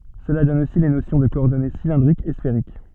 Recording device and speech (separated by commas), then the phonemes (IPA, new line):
soft in-ear microphone, read sentence
səla dɔn osi le nosjɔ̃ də kɔɔʁdɔne silɛ̃dʁikz e sfeʁik